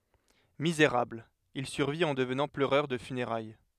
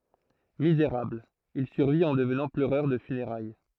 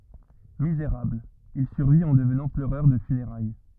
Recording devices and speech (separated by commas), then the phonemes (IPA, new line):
headset microphone, throat microphone, rigid in-ear microphone, read sentence
mizeʁabl il syʁvit ɑ̃ dəvnɑ̃ pløʁœʁ də fyneʁaj